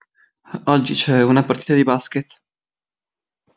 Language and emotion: Italian, fearful